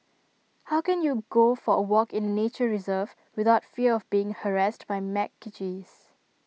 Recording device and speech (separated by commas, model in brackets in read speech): mobile phone (iPhone 6), read sentence